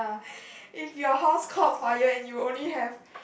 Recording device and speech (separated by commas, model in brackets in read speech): boundary microphone, conversation in the same room